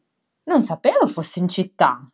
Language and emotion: Italian, surprised